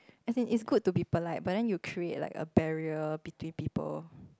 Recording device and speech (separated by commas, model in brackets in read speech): close-talking microphone, conversation in the same room